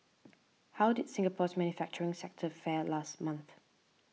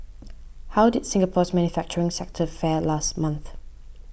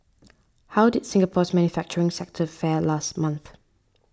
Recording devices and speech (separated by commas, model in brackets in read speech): mobile phone (iPhone 6), boundary microphone (BM630), standing microphone (AKG C214), read sentence